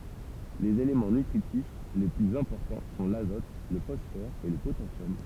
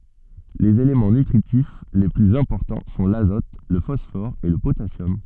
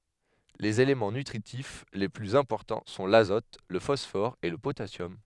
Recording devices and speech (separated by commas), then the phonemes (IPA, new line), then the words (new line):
temple vibration pickup, soft in-ear microphone, headset microphone, read sentence
lez elemɑ̃ nytʁitif le plyz ɛ̃pɔʁtɑ̃ sɔ̃ lazɔt lə fɔsfɔʁ e lə potasjɔm
Les éléments nutritifs les plus importants sont l'azote, le phosphore et le potassium.